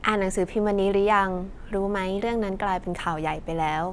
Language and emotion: Thai, neutral